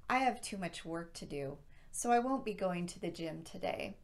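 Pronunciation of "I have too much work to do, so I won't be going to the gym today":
The voice falls on 'do' at the end of the first clause, 'I have too much work to do'.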